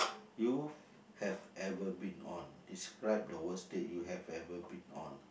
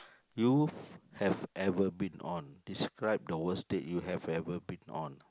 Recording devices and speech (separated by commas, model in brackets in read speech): boundary microphone, close-talking microphone, conversation in the same room